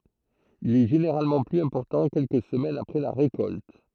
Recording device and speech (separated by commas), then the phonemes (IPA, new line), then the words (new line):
throat microphone, read sentence
il ɛ ʒeneʁalmɑ̃ plyz ɛ̃pɔʁtɑ̃ kɛlkə səmɛnz apʁɛ la ʁekɔlt
Il est généralement plus important quelques semaines après la récolte.